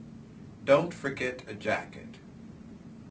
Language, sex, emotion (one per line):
English
male
neutral